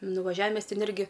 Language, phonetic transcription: Lithuanian, nuvaˈžiavi ˈmes ˈten ˈirgi

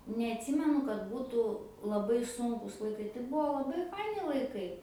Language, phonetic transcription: Lithuanian, neatˈsimenu kad ˈbūtu laˈbai ˈsunkus laiˈkai tai ˈbuo laˈbai ˈfaini laiˈkai

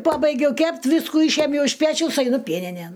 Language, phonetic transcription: Lithuanian, ˈpabaigiau ˈkept' ˈviskų ˈyšiemjau iš ˈpečiaus aiˈnu ˈpieninėn

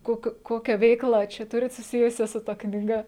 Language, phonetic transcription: Lithuanian, ˈkokiu ˈkokią ˈveikla ˈčia ˈturit suˈsijusia su ˈta knyˈga

